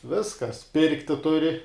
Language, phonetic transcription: Lithuanian, ˈviskas ˈpirkti ˈturi

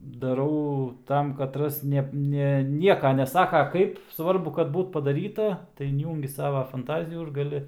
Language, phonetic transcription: Lithuanian, daˈrau ˈtam kaˈtras ˈneb ˈne ˈnieka neˈsaka ˈkaip svarˈbu kad ˈbūt padaˈryta tai inˈjūngi ˈsava fanˈtazijų ir gaˈli

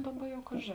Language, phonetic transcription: Lithuanian, ˈdaˌba ˈjau ˈkažė

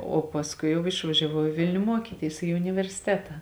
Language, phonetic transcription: Lithuanian, o pasˈkui ˈjau išvažiaˈvau i ˈvilniu ˈmuokytys i universiˈteta

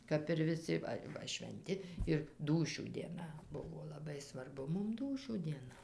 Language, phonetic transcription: Lithuanian, kap ir viˈsi ˈva ˈva švenˈti ir ˈdūšių dieˈna ˈbuvo laˈbai svarˈbu ˈmum ˈdūšių dieˈna

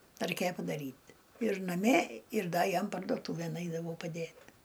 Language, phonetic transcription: Lithuanian, raiˈkėja padaˈryt ir naˈmie ir ˈda ˈjam pardoˈtūvėn ˈaidavau paˈdėt

